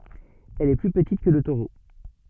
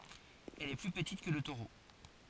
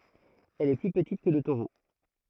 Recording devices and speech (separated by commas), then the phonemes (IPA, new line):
soft in-ear microphone, forehead accelerometer, throat microphone, read sentence
ɛl ɛ ply pətit kə lə toʁo